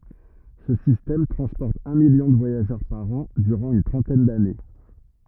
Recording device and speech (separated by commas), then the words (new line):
rigid in-ear microphone, read sentence
Ce système transporte un million de voyageurs par an durant une trentaine d'années.